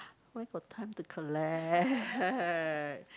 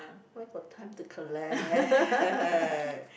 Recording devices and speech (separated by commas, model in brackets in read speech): close-talking microphone, boundary microphone, conversation in the same room